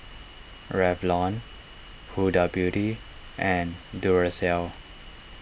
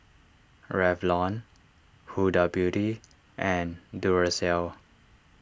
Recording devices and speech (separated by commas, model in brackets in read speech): boundary microphone (BM630), standing microphone (AKG C214), read sentence